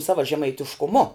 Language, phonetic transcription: Lithuanian, ˈsava žemaitiškuˈmu

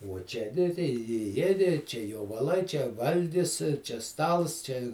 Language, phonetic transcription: Lithuanian, uo ˈčia ni tai i ˈjiedi čia jovaˈlai čia ˈvalgis čia ˈstals ˈčia

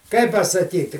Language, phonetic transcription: Lithuanian, ˈkaip pasaˈkyti

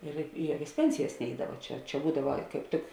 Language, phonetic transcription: Lithuanian, ir i ˈjuokias ˈpensijas ˈneidava ˈčia čia ˈbūdava kaip ˈtik

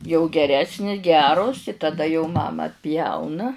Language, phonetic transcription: Lithuanian, jau geˈresni ˈgeros i taˈda jau ˈmama atˈpjauna

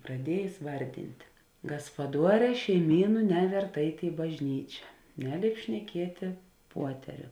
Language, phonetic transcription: Lithuanian, praˈdiejės ˈvardinti gaspaˈduoˌrē šeiˈmynu ˈnevert ˈeit' i bažˈnyčia ˈneˌlėip šneˈkietė ˈpuoteriu

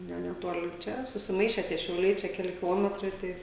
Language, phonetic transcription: Lithuanian, ˈne neˈtoli ˈčia susiˈmaiše tie šiauˈliai čia keˈli kiˈlometrai ˈtai

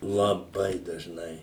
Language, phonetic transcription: Lithuanian, laˈbai dažˈnai

